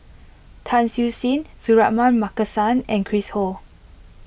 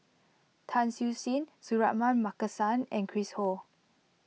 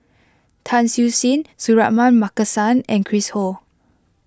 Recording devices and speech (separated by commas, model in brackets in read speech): boundary microphone (BM630), mobile phone (iPhone 6), close-talking microphone (WH20), read sentence